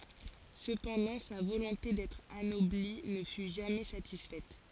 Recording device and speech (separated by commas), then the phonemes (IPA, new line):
forehead accelerometer, read sentence
səpɑ̃dɑ̃ sa volɔ̃te dɛtʁ anɔbli nə fy ʒamɛ satisfɛt